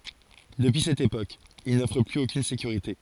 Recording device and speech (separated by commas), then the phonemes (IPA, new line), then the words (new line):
forehead accelerometer, read sentence
dəpyi sɛt epok il nɔfʁ plyz okyn sekyʁite
Depuis cette époque, il n‘offre plus aucune sécurité.